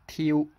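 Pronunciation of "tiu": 'Till' is said with the final L pronounced as a u vowel, so it sounds like 'tiu'.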